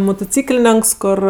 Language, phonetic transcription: Lithuanian, mutuˈcyklėnenks ˈkor

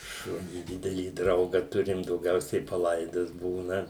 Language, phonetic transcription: Lithuanian, ˈšunį ˈdidelį ˈdrauga ˈturim dauˈgiausiai paˈlaidas ˈbūna

